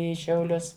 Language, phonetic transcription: Lithuanian, ˈį šiauˈlius

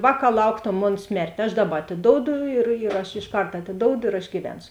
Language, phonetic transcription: Lithuanian, ˈvāˌkā ˈlauktom ˈmon ˈsmertė aš ˈdaˌba atiˈdoudu ir yr ˈaš išˈkart atiˈdoudu ir aš gyˈvensu

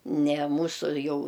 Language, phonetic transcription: Lithuanian, ne ˈmūsu ˈjau

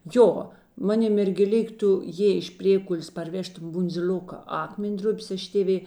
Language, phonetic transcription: Lithuanian, ˈjo ˈmaˌni mergėˈlik ˈtu ˈjėi ėš ˈprėkulės parˈvežtum bundziˈl'oka ˈakmen'ˌdrupės ˈaš tėˈvė

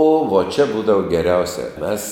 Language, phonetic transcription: Lithuanian, o vo čia ˈbūdavo geˈriausia ˈmes

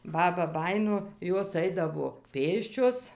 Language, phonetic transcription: Lithuanian, ˈbaba ˈbajino ˈjos ˈaidavo ˈpėsčios

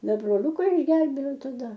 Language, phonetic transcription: Lithuanian, ˈda broˈliuka išˈgelbėjau taˈda

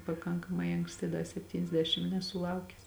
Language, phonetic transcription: Lithuanian, paˈkankamai anksˈti ˈda sepˌtyniasˈdešim nesuˈlaukes

